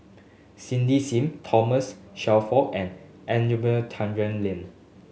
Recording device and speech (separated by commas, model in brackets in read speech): mobile phone (Samsung S8), read sentence